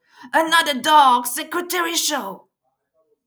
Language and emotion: English, disgusted